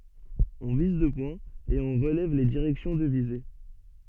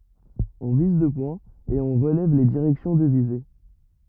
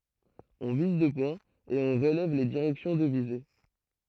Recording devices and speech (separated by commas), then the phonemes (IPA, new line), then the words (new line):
soft in-ear microphone, rigid in-ear microphone, throat microphone, read sentence
ɔ̃ viz dø pwɛ̃z e ɔ̃ ʁəlɛv le diʁɛksjɔ̃ də vize
On vise deux points, et on relève les directions de visée.